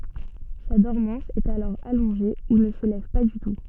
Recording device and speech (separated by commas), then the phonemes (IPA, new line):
soft in-ear microphone, read sentence
sa dɔʁmɑ̃s ɛt alɔʁ alɔ̃ʒe u nə sə lɛv pa dy tu